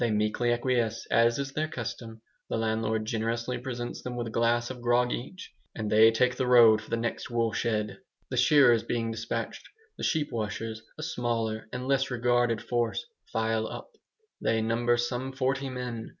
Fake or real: real